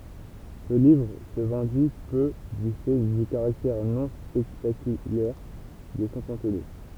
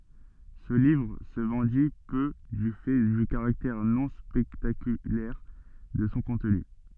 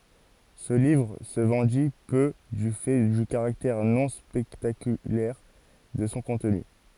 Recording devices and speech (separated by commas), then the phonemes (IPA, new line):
temple vibration pickup, soft in-ear microphone, forehead accelerometer, read sentence
sə livʁ sə vɑ̃di pø dy fɛ dy kaʁaktɛʁ nɔ̃ spɛktakylɛʁ də sɔ̃ kɔ̃tny